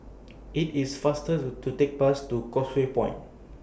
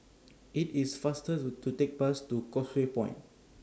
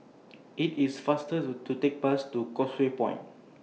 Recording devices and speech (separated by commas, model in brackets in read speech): boundary microphone (BM630), standing microphone (AKG C214), mobile phone (iPhone 6), read sentence